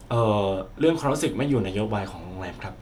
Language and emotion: Thai, neutral